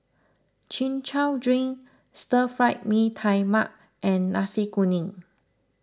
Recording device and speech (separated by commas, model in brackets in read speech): close-talking microphone (WH20), read sentence